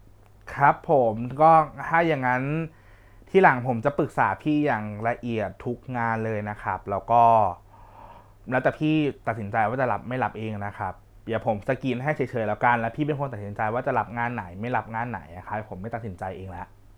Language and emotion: Thai, frustrated